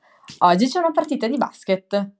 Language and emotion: Italian, happy